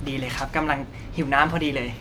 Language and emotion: Thai, happy